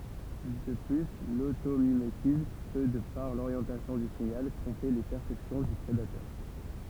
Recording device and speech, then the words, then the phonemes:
temple vibration pickup, read sentence
De plus, l'automimétisme peut, de par l'orientation du signal, tromper les perceptions du prédateurs.
də ply lotomimetism pø də paʁ loʁjɑ̃tasjɔ̃ dy siɲal tʁɔ̃pe le pɛʁsɛpsjɔ̃ dy pʁedatœʁ

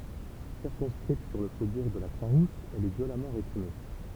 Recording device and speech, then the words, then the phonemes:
temple vibration pickup, read sentence
Circonscrite sur le faubourg de la Croix-Rousse, elle est violemment réprimée.
siʁkɔ̃skʁit syʁ lə fobuʁ də la kʁwa ʁus ɛl ɛ vjolamɑ̃ ʁepʁime

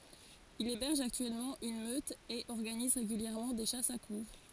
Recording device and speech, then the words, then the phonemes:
forehead accelerometer, read sentence
Il héberge actuellement une meute et organise régulièrement des chasses à courre.
il ebɛʁʒ aktyɛlmɑ̃ yn møt e ɔʁɡaniz ʁeɡyljɛʁmɑ̃ de ʃasz a kuʁʁ

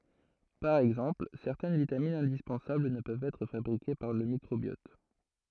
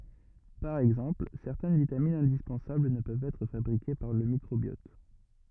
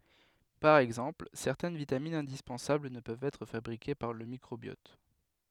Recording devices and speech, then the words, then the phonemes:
throat microphone, rigid in-ear microphone, headset microphone, read sentence
Par exemple, certaines vitamines indispensables ne peuvent être fabriquées par le microbiote.
paʁ ɛɡzɑ̃pl sɛʁtɛn vitaminz ɛ̃dispɑ̃sabl nə pøvt ɛtʁ fabʁike paʁ lə mikʁobjɔt

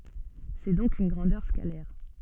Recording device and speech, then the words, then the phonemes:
soft in-ear microphone, read sentence
C'est donc une grandeur scalaire.
sɛ dɔ̃k yn ɡʁɑ̃dœʁ skalɛʁ

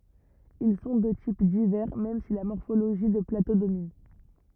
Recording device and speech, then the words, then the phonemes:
rigid in-ear microphone, read sentence
Ils sont de types divers même si la morphologie de plateaux domine.
il sɔ̃ də tip divɛʁ mɛm si la mɔʁfoloʒi də plato domin

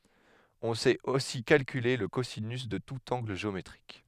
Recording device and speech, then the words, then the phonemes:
headset microphone, read sentence
On sait aussi calculer le cosinus de tout angle géométrique.
ɔ̃ sɛt osi kalkyle lə kozinys də tut ɑ̃ɡl ʒeometʁik

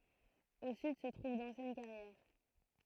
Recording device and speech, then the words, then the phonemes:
throat microphone, read sentence
Au sud se trouve d'anciennes carrières.
o syd sə tʁuv dɑ̃sjɛn kaʁjɛʁ

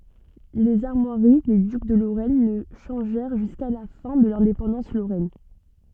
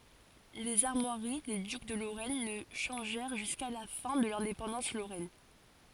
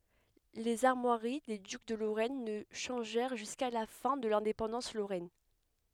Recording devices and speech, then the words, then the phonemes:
soft in-ear microphone, forehead accelerometer, headset microphone, read sentence
Les armoiries des ducs de Lorraine ne changèrent jusqu'à la fin de l'indépendance lorraine.
lez aʁmwaʁi de dyk də loʁɛn nə ʃɑ̃ʒɛʁ ʒyska la fɛ̃ də lɛ̃depɑ̃dɑ̃s loʁɛn

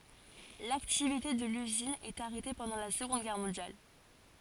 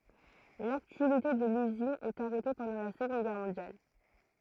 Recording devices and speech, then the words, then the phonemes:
forehead accelerometer, throat microphone, read sentence
L'activité de l'usine est arrêtée pendant la Seconde Guerre mondiale.
laktivite də lyzin ɛt aʁɛte pɑ̃dɑ̃ la səɡɔ̃d ɡɛʁ mɔ̃djal

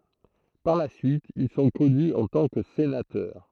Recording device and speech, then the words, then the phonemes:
throat microphone, read sentence
Par la suite, ils sont connus en tant que sénateurs.
paʁ la syit il sɔ̃ kɔny ɑ̃ tɑ̃ kə senatœʁ

